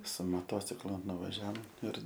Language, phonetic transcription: Lithuanian, su moˈtociklu nuvaˈžiaom ir

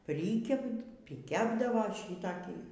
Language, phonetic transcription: Lithuanian, ˈprykep pryˈkepdavo ˈšytakį

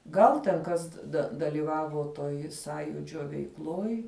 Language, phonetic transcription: Lithuanian, ˈgal ten ˈkas da dalyˈvavo toj ˈsąjūdžio veikˈloj

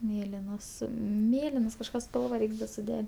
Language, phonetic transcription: Lithuanian, ˈmėlinos ˈmėlinos kažˈką ˈspalva ˈreiks da suˈde

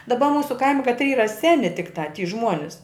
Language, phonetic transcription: Lithuanian, daˈba ˈmūsu ˈkaimi katˈry ˈyra ˈseni tikˈtā ty ˈžmuonis

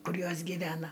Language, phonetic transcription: Lithuanian, ˈkur ˈjos gyˈvena

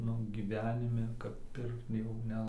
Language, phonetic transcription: Lithuanian, ˈnu gyˈvenime kap ˈpirkt jau ˈne

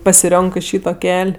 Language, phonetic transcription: Lithuanian, pasiˈrionkɜ ˈšyto ˈkel'

